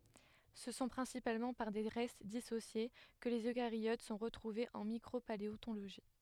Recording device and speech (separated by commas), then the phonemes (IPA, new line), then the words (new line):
headset microphone, read sentence
sə sɔ̃ pʁɛ̃sipalmɑ̃ paʁ de ʁɛst disosje kə lez økaʁjot sɔ̃ ʁətʁuvez ɑ̃ mikʁopaleɔ̃toloʒi
Ce sont principalement par des restes dissociés que les eucaryotes sont retrouvés en micropaléontologie.